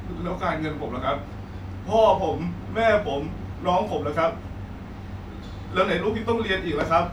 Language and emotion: Thai, sad